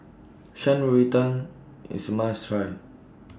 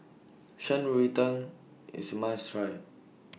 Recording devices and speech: standing microphone (AKG C214), mobile phone (iPhone 6), read sentence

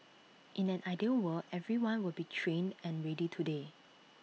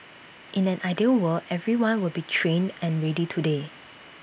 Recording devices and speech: mobile phone (iPhone 6), boundary microphone (BM630), read sentence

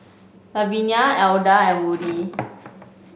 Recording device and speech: mobile phone (Samsung C5), read sentence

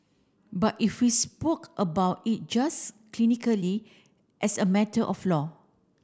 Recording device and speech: standing microphone (AKG C214), read sentence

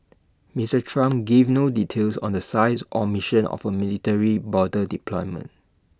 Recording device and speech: standing microphone (AKG C214), read sentence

